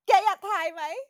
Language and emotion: Thai, happy